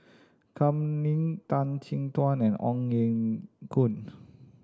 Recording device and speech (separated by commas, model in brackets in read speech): standing microphone (AKG C214), read sentence